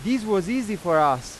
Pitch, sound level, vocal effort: 200 Hz, 98 dB SPL, very loud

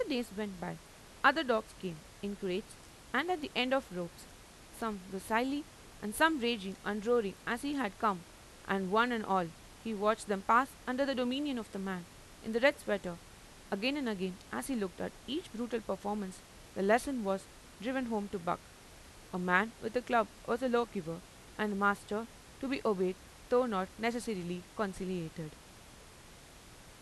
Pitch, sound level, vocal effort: 215 Hz, 88 dB SPL, normal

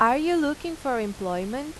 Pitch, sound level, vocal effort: 260 Hz, 89 dB SPL, loud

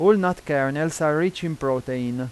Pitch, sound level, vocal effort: 155 Hz, 92 dB SPL, loud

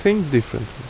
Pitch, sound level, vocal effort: 130 Hz, 78 dB SPL, normal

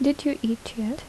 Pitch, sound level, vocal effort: 270 Hz, 75 dB SPL, soft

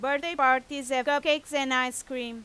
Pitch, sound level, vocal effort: 270 Hz, 96 dB SPL, very loud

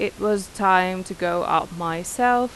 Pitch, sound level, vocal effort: 190 Hz, 88 dB SPL, normal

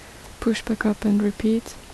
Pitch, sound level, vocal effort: 220 Hz, 72 dB SPL, soft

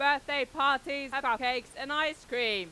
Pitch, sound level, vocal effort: 275 Hz, 102 dB SPL, very loud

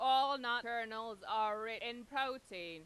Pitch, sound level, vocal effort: 235 Hz, 101 dB SPL, very loud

